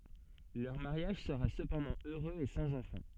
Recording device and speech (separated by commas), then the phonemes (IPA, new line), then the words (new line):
soft in-ear microphone, read sentence
lœʁ maʁjaʒ səʁa səpɑ̃dɑ̃ øʁøz e sɑ̃z ɑ̃fɑ̃
Leur mariage sera cependant heureux et sans enfant.